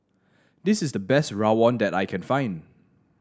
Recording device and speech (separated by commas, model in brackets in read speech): standing microphone (AKG C214), read sentence